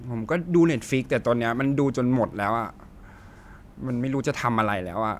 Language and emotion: Thai, frustrated